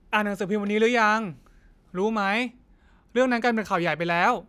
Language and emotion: Thai, frustrated